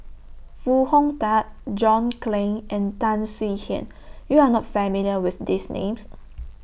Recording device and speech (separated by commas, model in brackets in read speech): boundary microphone (BM630), read sentence